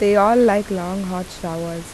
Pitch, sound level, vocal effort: 190 Hz, 83 dB SPL, normal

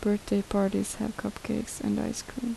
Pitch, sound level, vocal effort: 210 Hz, 72 dB SPL, soft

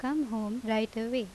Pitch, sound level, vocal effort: 225 Hz, 82 dB SPL, normal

